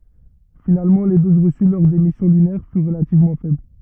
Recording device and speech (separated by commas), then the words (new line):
rigid in-ear microphone, read sentence
Finalement, les doses reçues lors des missions lunaires furent relativement faibles.